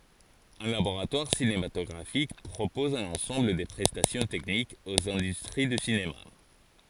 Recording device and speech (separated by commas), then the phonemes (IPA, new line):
forehead accelerometer, read sentence
œ̃ laboʁatwaʁ sinematɔɡʁafik pʁopɔz œ̃n ɑ̃sɑ̃bl də pʁɛstasjɔ̃ tɛknikz oz ɛ̃dystʁi dy sinema